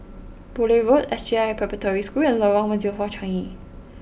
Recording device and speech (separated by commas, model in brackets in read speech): boundary microphone (BM630), read sentence